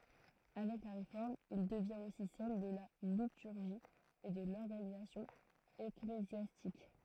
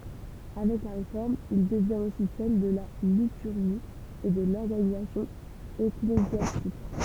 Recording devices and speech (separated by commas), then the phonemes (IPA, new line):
throat microphone, temple vibration pickup, read sentence
avɛk la ʁefɔʁm il dəvjɛ̃t osi sɛl də la lityʁʒi e də lɔʁɡanizasjɔ̃ eklezjastik